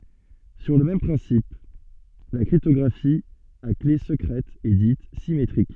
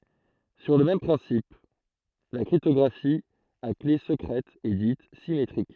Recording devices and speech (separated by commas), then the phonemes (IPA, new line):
soft in-ear microphone, throat microphone, read sentence
syʁ lə mɛm pʁɛ̃sip la kʁiptɔɡʁafi a kle səkʁɛt ɛ dit simetʁik